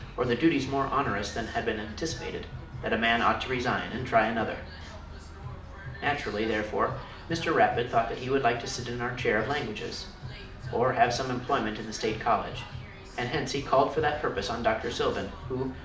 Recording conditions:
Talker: one person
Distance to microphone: 2.0 m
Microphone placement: close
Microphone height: 99 cm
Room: medium-sized (5.7 m by 4.0 m)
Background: music

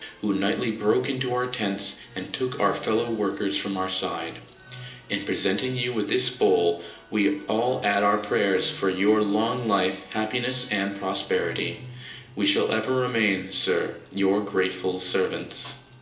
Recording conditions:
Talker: one person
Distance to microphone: 1.8 m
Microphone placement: close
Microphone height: 1.0 m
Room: large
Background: music

